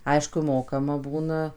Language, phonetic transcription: Lithuanian, ˈaišku ˈmokama ˈbūna

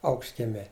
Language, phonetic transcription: Lithuanian, ˈaukštkiemē

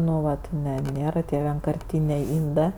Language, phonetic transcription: Lithuanian, ˈnu ˈvat ˈne ˈnėra tie vienkarˈtynė ˈindɜ

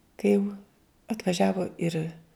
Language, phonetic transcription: Lithuanian, kai jau atvaˈžiavo ir

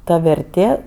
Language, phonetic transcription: Lithuanian, ˈta verˈtė

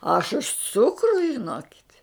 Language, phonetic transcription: Lithuanian, aš už ˈcukru žiˈnokit'

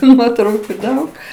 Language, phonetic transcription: Lithuanian, tu ˈnuotrauku ˈdaug

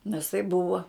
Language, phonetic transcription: Lithuanian, nes tai ˈbuva

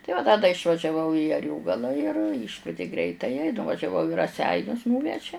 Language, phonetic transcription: Lithuanian, tai ˈva da da išvažiaˈvau į aˈriogala ir ˈyškvieti ˈgreitaja i nuvažiaˈvau i raˈseinius ˈnūveže

